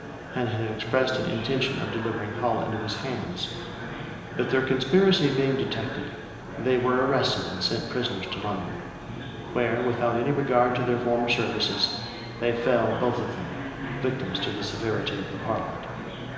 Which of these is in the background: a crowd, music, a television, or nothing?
Crowd babble.